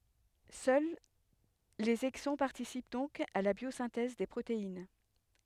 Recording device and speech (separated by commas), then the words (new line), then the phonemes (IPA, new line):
headset microphone, read sentence
Seuls les exons participent donc à la biosynthèse des protéines.
sœl lez ɛɡzɔ̃ paʁtisip dɔ̃k a la bjozɛ̃tɛz de pʁotein